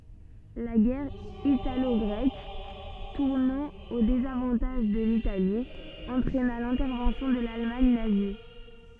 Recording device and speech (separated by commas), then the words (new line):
soft in-ear microphone, read sentence
La guerre italo-grecque, tournant au désavantage de l'Italie, entraîna l'intervention de l'Allemagne nazie.